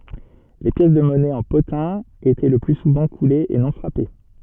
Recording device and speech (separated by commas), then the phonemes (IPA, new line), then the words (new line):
soft in-ear microphone, read sentence
le pjɛs də mɔnɛ ɑ̃ potɛ̃ etɛ lə ply suvɑ̃ kulez e nɔ̃ fʁape
Les pièces de monnaie en potin étaient le plus souvent coulées et non frappées.